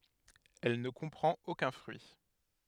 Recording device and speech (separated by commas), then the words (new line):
headset microphone, read sentence
Elle ne comprend aucun fruit.